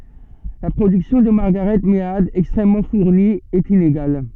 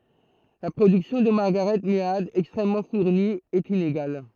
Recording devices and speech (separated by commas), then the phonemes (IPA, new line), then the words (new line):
soft in-ear microphone, throat microphone, read sentence
la pʁodyksjɔ̃ də maʁɡaʁɛt mead ɛkstʁɛmmɑ̃ fuʁni ɛt ineɡal
La production de Margaret Mead, extrêmement fournie, est inégale.